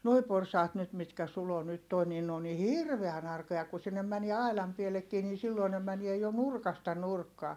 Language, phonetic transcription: Finnish, noi porsaat nyt mitkä Sulo nyt toi niin ne on ni hirveän ‿arkoja ku sinnem mänie ailam piellekkii ni silloi ne mänie jo nurkasta nurkkaa .
- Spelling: nuo porsaat nyt mitkä Sulo nyt tuo niin ne on niin hirveän arkoja kun sinne menee aidan pieleenkin niin silloin ne menee jo nurkasta nurkkaan

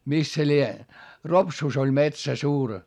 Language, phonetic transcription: Finnish, mis se lie , Ropsùs ‿oĺ metsä suur .
- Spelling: missä se lie Ropsussa oli metsä suuri

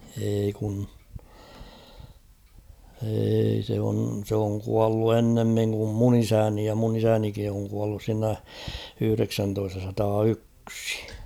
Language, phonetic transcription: Finnish, eei kun , eei se on , sᵉ ‿oŋ 'kuallu "ennemmiŋ kum "mun ‿'isäni ja mun ‿isänikin̬ oŋ kuallus siinä , 'yhʸreksäntoistasataa"yksɪ .
- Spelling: ei kun ei se on se on kuollut ennemmin kuin minun isäni ja minun isänikin on kuollut siinä yhdeksäntoistasataayksi

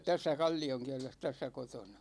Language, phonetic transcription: Finnish, 'tässä "Kal͕l͕i₍oŋkiɛles , 'tässä 'kotona .
- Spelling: tässä Kallionkielessä tässä kotona

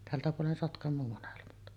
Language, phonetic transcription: Finnish, 'tältä puolen Sotkam̆moo 'monelmat .
- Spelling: tältä puolen Sotkamoa molemmat

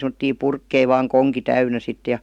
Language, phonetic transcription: Finnish, sem°tti "purkkei vaaŋ "koŋki 'täynä 'sit ja .
- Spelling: semmoisia purkkeja vain konki täynnä sitten ja

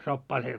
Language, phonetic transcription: Finnish, 'soppaa se ,.
- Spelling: soppaa se

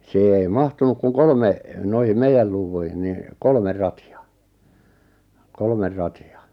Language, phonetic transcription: Finnish, 'siihe ei 'mahtunuk kuŋ 'kolme , 'noihim "meijäl 'luuvvuihin ni , 'kolmer 'rati₍a , 'kolmer 'rati₍a .
- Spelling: siihen ei mahtunut kuin kolme noihin meidän luuviin niin kolme ratia kolme ratia

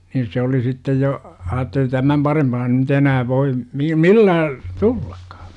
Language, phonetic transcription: Finnish, niin̬ 'se oli sittej jo , 'aatteli 'tämäm 'parempaa ny't ‿enää voi , mi- "millää , 'tullAkkA .
- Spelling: niin se oli sitten jo ajatteli tämän parempaa nyt enää voi - millään tullakaan

